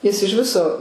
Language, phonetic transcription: Lithuanian, jis iž ˈviso

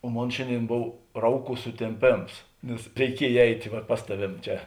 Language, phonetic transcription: Lithuanian, o ˈmon ˈšėnˌdėin ˈbov ˈrauˌkų sutėmˈpėms nes reiˈkiej ˈeitė ˈva ˈpas taˌvėm ˈčia

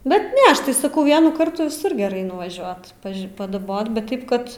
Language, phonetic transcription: Lithuanian, ˈbet ˈne ˈaš tai saˈkau ˈvienų ˈkartų viˈsur geˈrai nuvaˈžiuot ˈpaž' padaˈbot bet ˈtaip kad

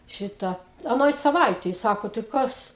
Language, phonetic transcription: Lithuanian, ˈšita aˈnoj saˈvaitej ˈsako tai ˈkas

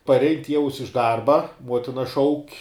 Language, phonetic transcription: Lithuanian, parˈein ˈtieus iš ˈdarba ˈmuotina ˈšauk'

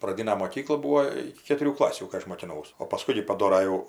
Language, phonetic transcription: Lithuanian, praˈdina moˈkykla ˈbūo ˈiki ketuˈrių ˈklasių kai ˈaš mokiˈnaus o paˈskui gi paˈdora jau

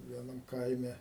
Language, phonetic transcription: Lithuanian, vieˈnam ˈkaime

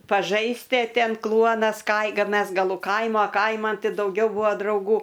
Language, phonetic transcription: Lithuanian, paˈžaisti a ˈten ˈkluonas kai ka ˈmes gaˈlu ˈkaimo ˈkaiman ˈti dauˈgiau ˈbua drauˈgų

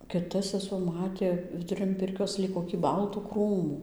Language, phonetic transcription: Lithuanian, kiˈta seˈsuo ˈmatė viduˈrin ˈpirkios ˈlyg kokį ˈbaltų ˈkrūmų

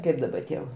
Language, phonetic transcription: Lithuanian, ˈkaip daba ˈtie va

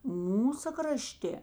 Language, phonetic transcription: Lithuanian, ˈmūsa kraˈštė

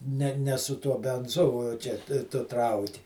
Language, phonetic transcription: Lithuanian, ˈne ˈne su ˈtuo benˈzu o ˈčia tu ˈtrauki

